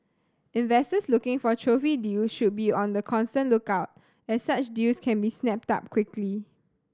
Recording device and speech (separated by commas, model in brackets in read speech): standing microphone (AKG C214), read sentence